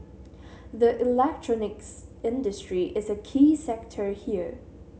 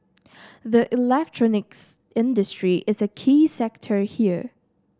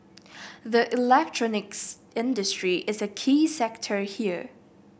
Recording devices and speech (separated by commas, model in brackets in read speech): mobile phone (Samsung C7100), standing microphone (AKG C214), boundary microphone (BM630), read sentence